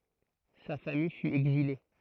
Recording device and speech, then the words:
throat microphone, read sentence
Sa famille fut exilée.

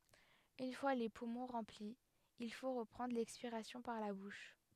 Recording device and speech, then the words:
headset microphone, read sentence
Une fois les poumons remplis, il faut reprendre l'expiration par la bouche.

